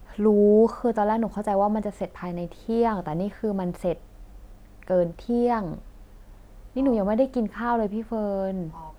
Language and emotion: Thai, frustrated